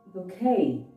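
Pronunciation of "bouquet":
'Bouquet' is pronounced correctly here.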